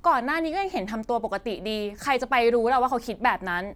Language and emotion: Thai, frustrated